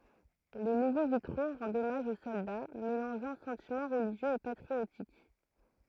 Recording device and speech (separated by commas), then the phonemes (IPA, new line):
throat microphone, read sentence
le nuvo vitʁo ʁɑ̃dt ɔmaʒ o sɔlda melɑ̃ʒɑ̃ sɑ̃timɑ̃ ʁəliʒjøz e patʁiotik